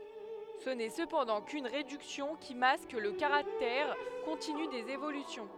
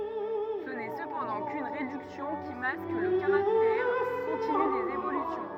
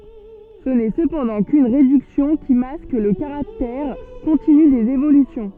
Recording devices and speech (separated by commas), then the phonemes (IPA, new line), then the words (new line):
headset microphone, rigid in-ear microphone, soft in-ear microphone, read sentence
sə nɛ səpɑ̃dɑ̃ kyn ʁedyksjɔ̃ ki mask lə kaʁaktɛʁ kɔ̃tiny dez evolysjɔ̃
Ce n'est cependant qu'une réduction qui masque le caractère continu des évolutions.